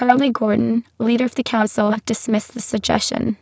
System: VC, spectral filtering